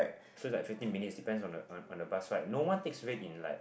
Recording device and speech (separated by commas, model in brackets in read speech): boundary microphone, conversation in the same room